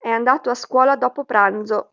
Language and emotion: Italian, neutral